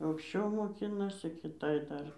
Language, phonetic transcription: Lithuanian, aukšˈčiau moˈkinasi kiˈtai ˈdar

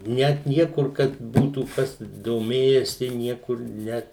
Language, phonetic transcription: Lithuanian, ˈnet ˈniekur kad ˈbūtų ˈkas doˈmėjesi ˈniekur ˈnet

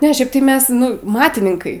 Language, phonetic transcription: Lithuanian, ˈne ˈšiaip tai ˈmes ˈnu ˈmatininkai

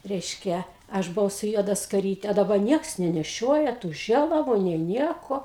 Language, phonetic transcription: Lithuanian, reišˈkia ˈaš buˈvau su ˈjuoda skaˈryte a daˈba ˈnieks neneˈšioja tų ˈžėlavu nė ˈnieko

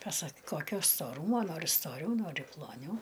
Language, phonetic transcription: Lithuanian, paˈsak ˈkokio stoˈrūmo ˈnori stoˈriau ˈnori ploˈniau

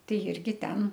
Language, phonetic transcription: Lithuanian, ˈtai ˈirgi ˈten

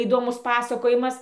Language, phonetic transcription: Lithuanian, įdoˈmus ˈpasakojimas

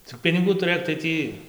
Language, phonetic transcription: Lithuanian, cik piniˈgų tuˈrɘk tai ˈtį

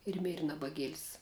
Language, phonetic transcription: Lithuanian, ir ˈmėri nabaˈgiel's'

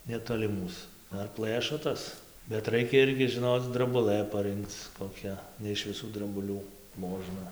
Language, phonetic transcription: Lithuanian, neˌtoli ˈmūs ˈdar ˈplɘšo ˈtas bet ˈraikia ˈirgi žiˈnoc drabuˈlɘ paˈrɨnkc koˈkia ne iš viˈsų drabuˈlių ˈmožna

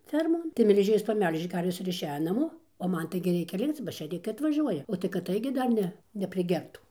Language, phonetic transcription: Lithuanian, ˈfermon tai melˈžėjos paˈmelžė ˈkarves ir išˈejo naˈmo o ˈman ˈtaigi ˈreikia ˈlikc ba šėˈrikai atvaˈžiuoja o tai kad ˈtaigi dar ˈne nepriˈgertų

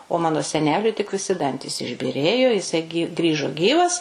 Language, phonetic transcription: Lithuanian, o ˈmano seˈneliui tik viˈsi ˈdantys išbyˈrėjo jiˈsai gi ˈgrįžo ˈgyvas

